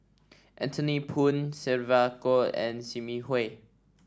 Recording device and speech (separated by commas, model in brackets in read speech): standing microphone (AKG C214), read sentence